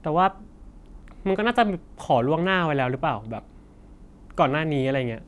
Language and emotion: Thai, neutral